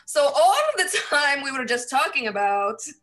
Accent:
Arabic accent